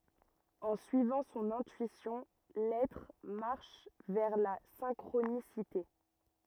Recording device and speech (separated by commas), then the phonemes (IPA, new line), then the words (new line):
rigid in-ear microphone, read sentence
ɑ̃ syivɑ̃ sɔ̃n ɛ̃tyisjɔ̃ lɛtʁ maʁʃ vɛʁ la sɛ̃kʁonisite
En suivant son intuition, l'être marche vers la synchronicité.